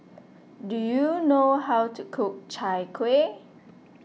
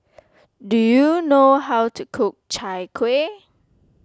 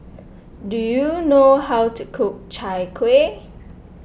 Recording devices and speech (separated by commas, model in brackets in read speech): mobile phone (iPhone 6), close-talking microphone (WH20), boundary microphone (BM630), read sentence